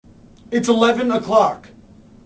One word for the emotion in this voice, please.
angry